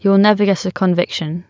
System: none